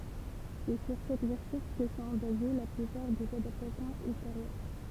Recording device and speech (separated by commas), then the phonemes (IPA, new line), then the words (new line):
temple vibration pickup, read sentence
sɛ syʁ sɛt vɛʁsjɔ̃ kə sɔ̃ baze la plypaʁ dez adaptasjɔ̃z ylteʁjœʁ
C'est sur cette version que sont basées la plupart des adaptations ultérieures.